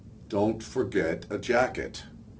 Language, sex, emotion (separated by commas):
English, male, angry